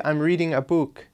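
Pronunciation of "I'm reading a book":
'I'm reading a book' is pronounced incorrectly here: 'book' is said with an ooh sound.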